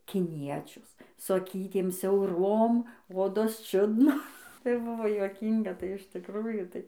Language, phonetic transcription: Lithuanian, kiˈniečius su aˈkytėm siauˈrom ˈodos ˈčiudno tai ˈbuvo juoˈkynga tai iš tikˈrųjų ˈtai

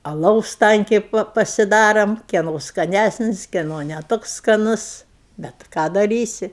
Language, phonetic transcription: Lithuanian, aˈlaus ˈtankiai ˈpa pasiˈdarom ˈkieno skaˈnæsnis kieˈno ne ˈtoks skaˈnus ˈbet ˈką daˈrysi

